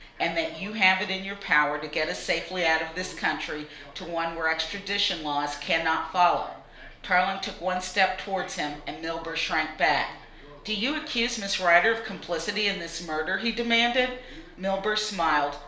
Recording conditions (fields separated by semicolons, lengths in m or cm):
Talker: one person; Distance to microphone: 1.0 m; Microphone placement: close; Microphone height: 1.1 m; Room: small (3.7 m by 2.7 m); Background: television